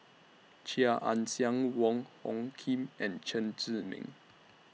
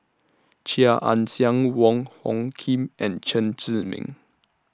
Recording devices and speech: mobile phone (iPhone 6), standing microphone (AKG C214), read sentence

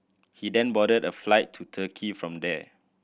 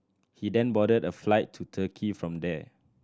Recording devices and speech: boundary microphone (BM630), standing microphone (AKG C214), read sentence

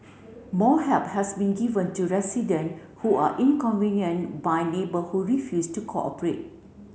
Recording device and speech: mobile phone (Samsung C7), read sentence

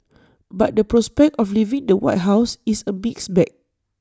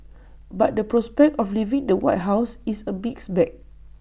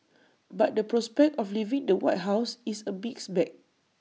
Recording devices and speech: standing microphone (AKG C214), boundary microphone (BM630), mobile phone (iPhone 6), read sentence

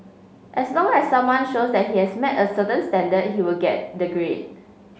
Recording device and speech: mobile phone (Samsung C5), read sentence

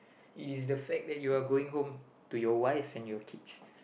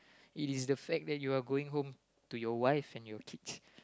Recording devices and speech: boundary microphone, close-talking microphone, conversation in the same room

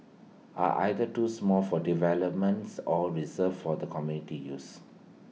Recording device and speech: mobile phone (iPhone 6), read sentence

